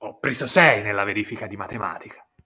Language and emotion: Italian, angry